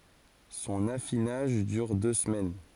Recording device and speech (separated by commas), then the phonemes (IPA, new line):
forehead accelerometer, read sentence
sɔ̃n afinaʒ dyʁ dø səmɛn